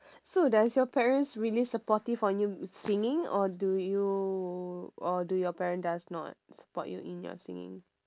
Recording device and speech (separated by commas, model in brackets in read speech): standing microphone, conversation in separate rooms